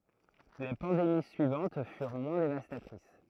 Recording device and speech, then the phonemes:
throat microphone, read sentence
le pɑ̃demi syivɑ̃t fyʁ mwɛ̃ devastatʁis

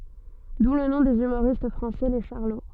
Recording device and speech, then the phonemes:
soft in-ear microphone, read sentence
du lə nɔ̃ dez ymoʁist fʁɑ̃sɛ le ʃaʁlo

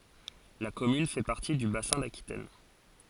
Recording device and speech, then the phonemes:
forehead accelerometer, read sentence
la kɔmyn fɛ paʁti dy basɛ̃ dakitɛn

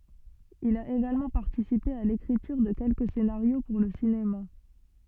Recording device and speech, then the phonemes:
soft in-ear microphone, read sentence
il a eɡalmɑ̃ paʁtisipe a lekʁityʁ də kɛlkə senaʁjo puʁ lə sinema

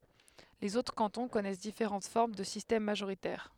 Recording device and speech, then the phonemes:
headset microphone, read sentence
lez otʁ kɑ̃tɔ̃ kɔnɛs difeʁɑ̃t fɔʁm də sistɛm maʒoʁitɛʁ

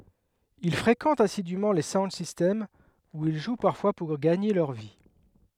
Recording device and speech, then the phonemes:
headset microphone, read sentence
il fʁekɑ̃tt asidym le saund sistɛmz u il ʒw paʁfwa puʁ ɡaɲe lœʁ vi

